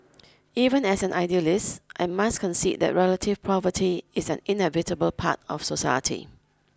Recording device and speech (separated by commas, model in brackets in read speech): close-talking microphone (WH20), read sentence